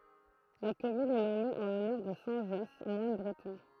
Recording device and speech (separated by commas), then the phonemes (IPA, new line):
throat microphone, read sentence
la kɔmyn ɛ nɔme ɑ̃ lɔnœʁ də sɛ̃ ʒɔs mwan bʁətɔ̃